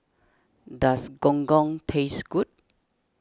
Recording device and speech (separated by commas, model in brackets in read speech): standing microphone (AKG C214), read sentence